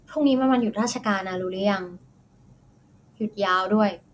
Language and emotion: Thai, frustrated